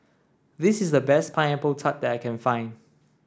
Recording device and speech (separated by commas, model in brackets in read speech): standing microphone (AKG C214), read sentence